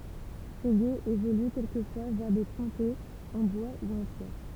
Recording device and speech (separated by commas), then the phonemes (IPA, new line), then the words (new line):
temple vibration pickup, read sentence
se ɡez evoly kɛlkəfwa vɛʁ de pɔ̃tɛz ɑ̃ bwa u ɑ̃ pjɛʁ
Ces gués évoluent quelquefois vers des pontets en bois ou en pierre.